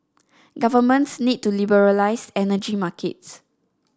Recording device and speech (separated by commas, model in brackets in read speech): standing microphone (AKG C214), read sentence